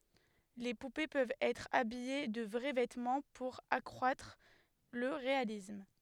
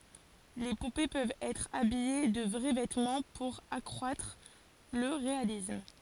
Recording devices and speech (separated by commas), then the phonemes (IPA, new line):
headset microphone, forehead accelerometer, read sentence
le pupe pøvt ɛtʁ abije də vʁɛ vɛtmɑ̃ puʁ akʁwatʁ lə ʁealism